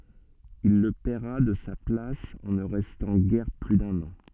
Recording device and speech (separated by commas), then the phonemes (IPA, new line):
soft in-ear microphone, read sentence
il lə pɛʁa də sa plas ɑ̃ nə ʁɛstɑ̃ ɡɛʁ ply dœ̃n ɑ̃